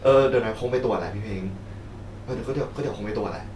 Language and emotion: Thai, frustrated